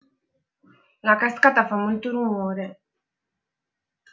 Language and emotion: Italian, sad